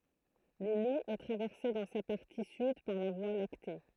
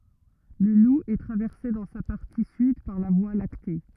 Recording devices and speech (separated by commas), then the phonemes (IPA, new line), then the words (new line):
throat microphone, rigid in-ear microphone, read sentence
lə lu ɛ tʁavɛʁse dɑ̃ sa paʁti syd paʁ la vwa lakte
Le Loup est traversé dans sa partie sud par la Voie lactée.